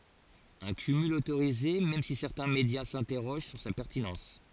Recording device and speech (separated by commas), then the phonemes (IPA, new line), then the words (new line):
forehead accelerometer, read sentence
œ̃ kymyl otoʁize mɛm si sɛʁtɛ̃ medja sɛ̃tɛʁoʒ syʁ sa pɛʁtinɑ̃s
Un cumul autorisé même si certains médias s'interrogent sur sa pertinence.